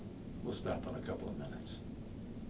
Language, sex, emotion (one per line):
English
male
neutral